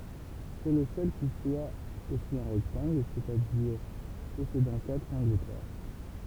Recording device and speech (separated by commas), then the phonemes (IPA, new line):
temple vibration pickup, read sentence
sɛ lə sœl ki swa osi œ̃ ʁɛktɑ̃ɡl sɛt a diʁ pɔsedɑ̃ katʁ ɑ̃ɡl dʁwa